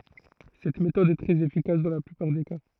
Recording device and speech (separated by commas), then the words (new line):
throat microphone, read sentence
Cette méthode est très efficace dans la plupart des cas.